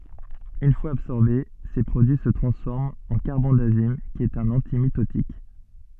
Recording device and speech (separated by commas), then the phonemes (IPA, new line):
soft in-ear microphone, read sentence
yn fwaz absɔʁbe se pʁodyi sə tʁɑ̃sfɔʁmt ɑ̃ kaʁbɑ̃dazim ki ɛt œ̃n ɑ̃timitotik